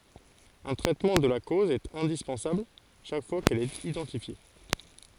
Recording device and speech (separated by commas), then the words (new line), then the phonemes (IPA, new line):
forehead accelerometer, read sentence
Un traitement de la cause est indispensable chaque fois qu'elle est identifiée.
œ̃ tʁɛtmɑ̃ də la koz ɛt ɛ̃dispɑ̃sabl ʃak fwa kɛl ɛt idɑ̃tifje